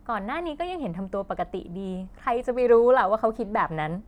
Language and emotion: Thai, happy